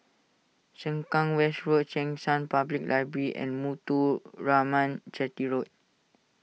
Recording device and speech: mobile phone (iPhone 6), read sentence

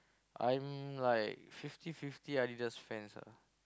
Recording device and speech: close-talking microphone, conversation in the same room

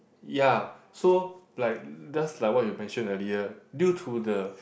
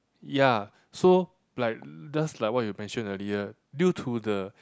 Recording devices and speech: boundary microphone, close-talking microphone, conversation in the same room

